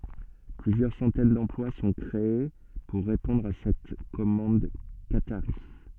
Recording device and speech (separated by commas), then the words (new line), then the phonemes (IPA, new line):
soft in-ear microphone, read sentence
Plusieurs centaines d’emplois sont créées pour répondre à cette commande qatarie.
plyzjœʁ sɑ̃tɛn dɑ̃plwa sɔ̃ kʁee puʁ ʁepɔ̃dʁ a sɛt kɔmɑ̃d kataʁi